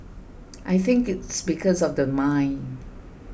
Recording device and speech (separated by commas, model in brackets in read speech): boundary microphone (BM630), read sentence